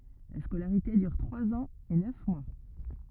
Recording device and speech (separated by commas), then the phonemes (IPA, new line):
rigid in-ear microphone, read sentence
la skolaʁite dyʁ tʁwaz ɑ̃z e nœf mwa